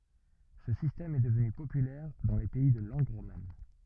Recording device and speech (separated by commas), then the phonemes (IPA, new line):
rigid in-ear microphone, read sentence
sə sistɛm ɛ dəvny popylɛʁ dɑ̃ le pɛi də lɑ̃ɡ ʁoman